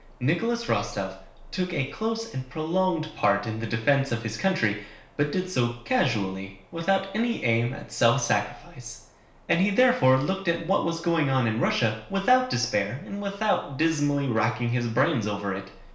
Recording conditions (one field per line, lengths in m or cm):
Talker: one person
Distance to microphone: 1.0 m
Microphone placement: close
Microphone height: 1.1 m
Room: small (3.7 m by 2.7 m)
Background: none